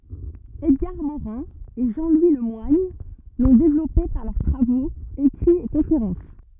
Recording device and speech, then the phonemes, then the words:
rigid in-ear microphone, read sentence
ɛdɡaʁ moʁɛ̃ e ʒɑ̃ lwi lə mwaɲ lɔ̃ devlɔpe paʁ lœʁ tʁavoz ekʁiz e kɔ̃feʁɑ̃s
Edgar Morin et Jean-Louis Le Moigne l'ont développé par leurs travaux, écrits et conférences.

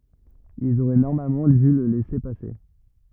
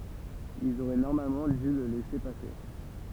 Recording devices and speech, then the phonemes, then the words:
rigid in-ear microphone, temple vibration pickup, read sentence
ilz oʁɛ nɔʁmalmɑ̃ dy lə lɛse pase
Ils auraient normalement dû le laisser passer.

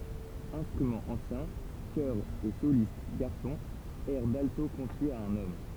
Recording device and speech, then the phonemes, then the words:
temple vibration pickup, read sentence
ɛ̃stʁymɑ̃z ɑ̃sjɛ̃ kœʁz e solist ɡaʁsɔ̃z ɛʁ dalto kɔ̃fjez a œ̃n ɔm
Instruments anciens, chœurs et solistes garçons, airs d’alto confiés à un homme.

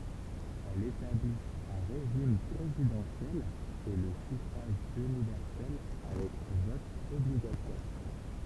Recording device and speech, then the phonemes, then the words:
temple vibration pickup, read sentence
ɛl etablit œ̃ ʁeʒim pʁezidɑ̃sjɛl e lə syfʁaʒ ynivɛʁsɛl avɛk vɔt ɔbliɡatwaʁ
Elle établit un régime présidentiel et le suffrage universel avec vote obligatoire.

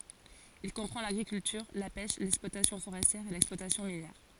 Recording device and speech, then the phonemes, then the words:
forehead accelerometer, read sentence
il kɔ̃pʁɑ̃ laɡʁikyltyʁ la pɛʃ lɛksplwatasjɔ̃ foʁɛstjɛʁ e lɛksplwatasjɔ̃ minjɛʁ
Il comprend l'agriculture, la pêche, l'exploitation forestière et l'exploitation minière.

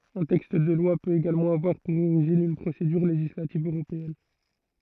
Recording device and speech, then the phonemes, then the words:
throat microphone, read sentence
œ̃ tɛkst də lwa pøt eɡalmɑ̃ avwaʁ puʁ oʁiʒin yn pʁosedyʁ leʒislativ øʁopeɛn
Un texte de loi peut également avoir pour origine une procédure législative européenne.

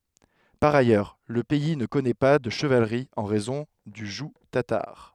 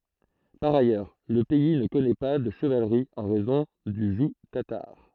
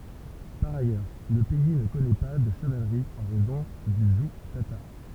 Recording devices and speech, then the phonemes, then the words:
headset microphone, throat microphone, temple vibration pickup, read sentence
paʁ ajœʁ lə pɛi nə kɔnɛ pa də ʃəvalʁi ɑ̃ ʁɛzɔ̃ dy ʒuɡ tataʁ
Par ailleurs, le pays ne connaît pas de chevalerie en raison du joug tatar.

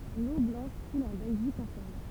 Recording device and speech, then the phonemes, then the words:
temple vibration pickup, read sentence
lo blɑ̃ʃ kul ɑ̃ bɛlʒik ɑ̃tjɛʁmɑ̃
L'Eau Blanche coule en Belgique entièrement.

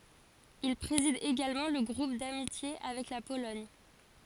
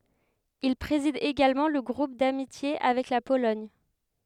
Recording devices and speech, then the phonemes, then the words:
forehead accelerometer, headset microphone, read sentence
il pʁezid eɡalmɑ̃ lə ɡʁup damitje avɛk la polɔɲ
Il préside également le groupe d'amitiés avec la Pologne.

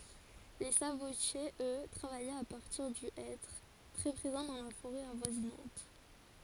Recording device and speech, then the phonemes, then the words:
forehead accelerometer, read sentence
le sabotjez ø tʁavajɛt a paʁtiʁ dy ɛtʁ tʁɛ pʁezɑ̃ dɑ̃ la foʁɛ avwazinɑ̃t
Les sabotiers, eux, travaillaient à partir du hêtre, très présent dans la forêt avoisinante.

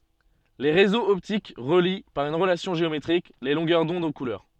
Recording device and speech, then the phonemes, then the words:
soft in-ear microphone, read sentence
le ʁezoz ɔptik ʁəli paʁ yn ʁəlasjɔ̃ ʒeometʁik le lɔ̃ɡœʁ dɔ̃d o kulœʁ
Les réseaux optiques relient, par une relation géométrique, les longueurs d'onde aux couleurs.

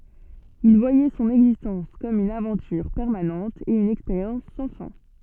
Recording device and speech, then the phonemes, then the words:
soft in-ear microphone, read sentence
il vwajɛ sɔ̃n ɛɡzistɑ̃s kɔm yn avɑ̃tyʁ pɛʁmanɑ̃t e yn ɛkspeʁjɑ̃s sɑ̃ fɛ̃
Il voyait son existence comme une aventure permanente et une expérience sans fin.

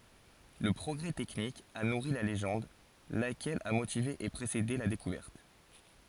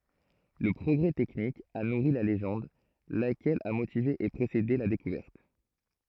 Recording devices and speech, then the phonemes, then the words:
forehead accelerometer, throat microphone, read sentence
lə pʁɔɡʁɛ tɛknik a nuʁi la leʒɑ̃d lakɛl a motive e pʁesede la dekuvɛʁt
Le progrès technique a nourri la légende, laquelle a motivé et précédé la découverte.

